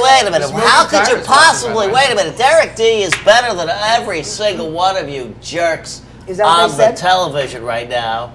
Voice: nasally voice